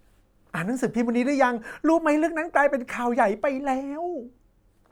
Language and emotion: Thai, happy